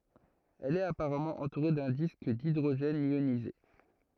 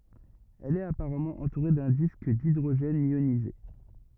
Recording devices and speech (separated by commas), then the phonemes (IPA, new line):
throat microphone, rigid in-ear microphone, read sentence
ɛl ɛt apaʁamɑ̃ ɑ̃tuʁe dœ̃ disk didʁoʒɛn jonize